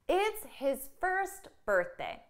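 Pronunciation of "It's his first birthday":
In 'first birthday', the t at the end of 'first' is not pushed out strongly, and there is no pause before 'birthday'.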